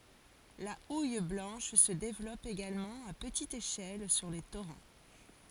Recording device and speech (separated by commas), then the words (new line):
forehead accelerometer, read sentence
La houille blanche se développe également à petite échelle sur les torrents.